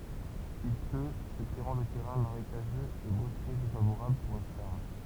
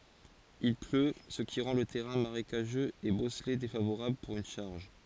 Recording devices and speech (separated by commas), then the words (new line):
temple vibration pickup, forehead accelerometer, read sentence
Il pleut, ce qui rend le terrain marécageux et bosselé défavorable pour une charge.